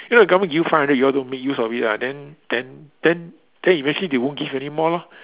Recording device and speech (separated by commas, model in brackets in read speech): telephone, conversation in separate rooms